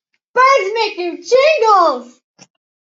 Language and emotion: English, happy